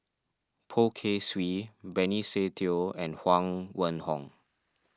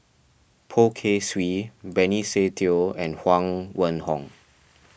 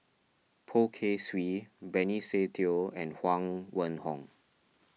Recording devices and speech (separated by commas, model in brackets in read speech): standing microphone (AKG C214), boundary microphone (BM630), mobile phone (iPhone 6), read sentence